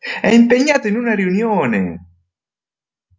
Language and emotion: Italian, happy